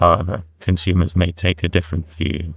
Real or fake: fake